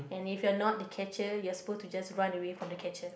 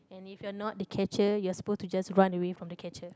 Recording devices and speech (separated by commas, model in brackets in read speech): boundary microphone, close-talking microphone, conversation in the same room